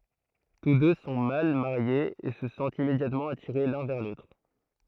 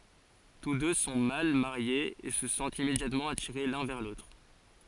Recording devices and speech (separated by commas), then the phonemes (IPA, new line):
throat microphone, forehead accelerometer, read sentence
tus dø sɔ̃ mal maʁjez e sə sɑ̃tt immedjatmɑ̃ atiʁe lœ̃ vɛʁ lotʁ